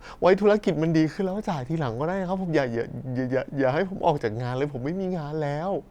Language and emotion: Thai, sad